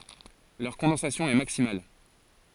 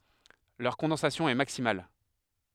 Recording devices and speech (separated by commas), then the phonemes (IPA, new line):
forehead accelerometer, headset microphone, read sentence
lœʁ kɔ̃dɑ̃sasjɔ̃ ɛ maksimal